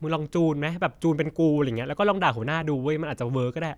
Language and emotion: Thai, frustrated